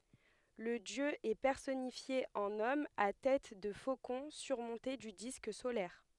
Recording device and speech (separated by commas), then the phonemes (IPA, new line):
headset microphone, read sentence
lə djø ɛ pɛʁsɔnifje ɑ̃n ɔm a tɛt də fokɔ̃ syʁmɔ̃te dy disk solɛʁ